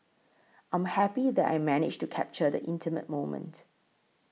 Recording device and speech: mobile phone (iPhone 6), read sentence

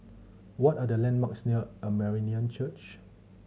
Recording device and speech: mobile phone (Samsung C7100), read sentence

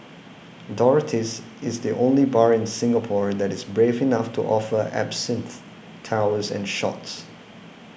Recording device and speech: boundary microphone (BM630), read sentence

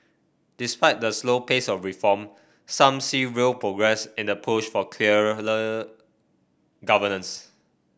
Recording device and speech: boundary microphone (BM630), read sentence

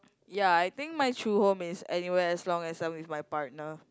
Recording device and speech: close-talking microphone, conversation in the same room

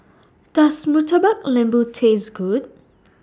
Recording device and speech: standing microphone (AKG C214), read sentence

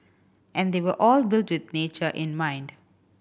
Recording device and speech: boundary microphone (BM630), read sentence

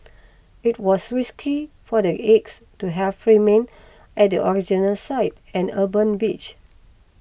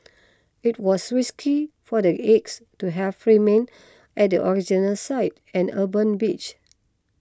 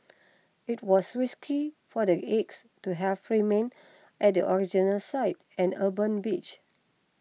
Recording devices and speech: boundary microphone (BM630), close-talking microphone (WH20), mobile phone (iPhone 6), read sentence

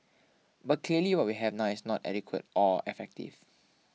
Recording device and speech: mobile phone (iPhone 6), read sentence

